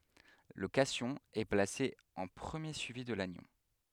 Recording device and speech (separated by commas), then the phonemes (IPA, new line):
headset microphone, read sentence
lə kasjɔ̃ ɛ plase ɑ̃ pʁəmje syivi də lanjɔ̃